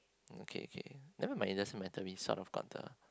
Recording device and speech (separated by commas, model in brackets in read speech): close-talking microphone, conversation in the same room